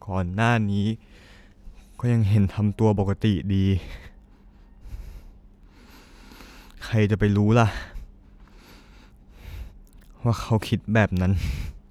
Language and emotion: Thai, sad